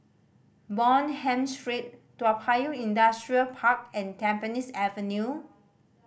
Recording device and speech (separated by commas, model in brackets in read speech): boundary microphone (BM630), read sentence